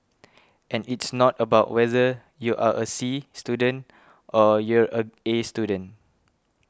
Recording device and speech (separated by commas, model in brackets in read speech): close-talking microphone (WH20), read sentence